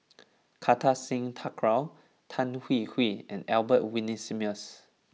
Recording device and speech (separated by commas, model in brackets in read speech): mobile phone (iPhone 6), read sentence